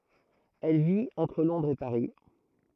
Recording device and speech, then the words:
throat microphone, read sentence
Elle vit entre Londres et Paris.

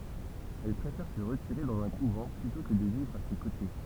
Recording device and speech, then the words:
temple vibration pickup, read sentence
Elle préfère se retirer dans un couvent, plutôt que de vivre à ses côtés.

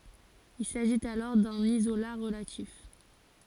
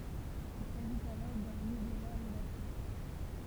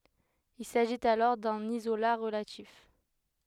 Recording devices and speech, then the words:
forehead accelerometer, temple vibration pickup, headset microphone, read sentence
Il s'agit alors d'un isolat relatif.

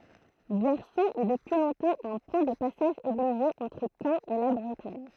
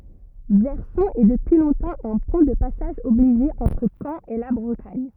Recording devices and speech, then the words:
throat microphone, rigid in-ear microphone, read sentence
Verson est depuis longtemps un point de passage obligé entre Caen et la Bretagne.

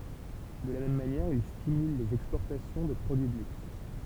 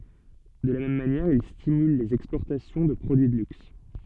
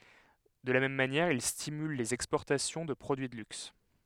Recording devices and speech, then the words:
temple vibration pickup, soft in-ear microphone, headset microphone, read sentence
De la même manière, il stimule les exportations de produits de luxe.

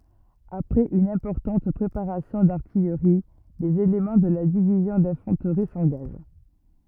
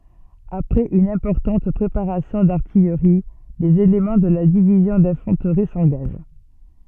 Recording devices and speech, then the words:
rigid in-ear microphone, soft in-ear microphone, read sentence
Après une importante préparation d'artillerie, les éléments de la Division d’Infanterie s’engagent.

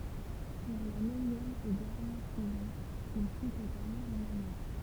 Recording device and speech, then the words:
temple vibration pickup, read sentence
Pour la neuvième et dernière saison, il fut totalement remanié.

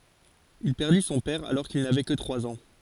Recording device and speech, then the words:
forehead accelerometer, read sentence
Il perdit son père alors qu’il n’avait que trois ans.

